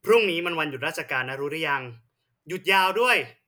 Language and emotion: Thai, angry